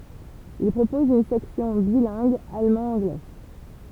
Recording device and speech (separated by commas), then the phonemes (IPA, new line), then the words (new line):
temple vibration pickup, read sentence
il pʁopɔz yn sɛksjɔ̃ bilɛ̃ɡ almɑ̃dɑ̃ɡlɛ
Il propose une section bilingue allemand-anglais.